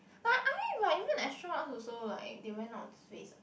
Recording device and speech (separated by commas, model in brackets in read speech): boundary microphone, conversation in the same room